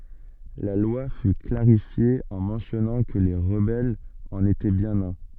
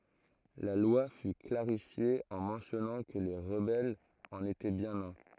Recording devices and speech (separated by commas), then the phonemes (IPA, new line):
soft in-ear microphone, throat microphone, read sentence
la lwa fy klaʁifje ɑ̃ mɑ̃sjɔnɑ̃ kə le ʁəbɛlz ɑ̃n etɛ bjɛ̃n œ̃